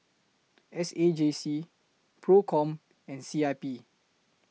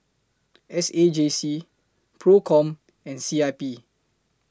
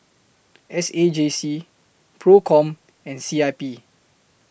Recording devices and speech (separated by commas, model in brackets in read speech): mobile phone (iPhone 6), close-talking microphone (WH20), boundary microphone (BM630), read sentence